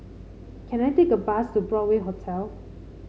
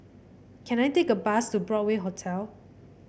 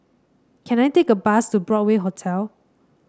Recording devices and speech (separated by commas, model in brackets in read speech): mobile phone (Samsung C5), boundary microphone (BM630), standing microphone (AKG C214), read sentence